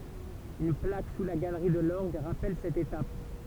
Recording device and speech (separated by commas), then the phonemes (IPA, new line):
temple vibration pickup, read sentence
yn plak su la ɡalʁi də lɔʁɡ ʁapɛl sɛt etap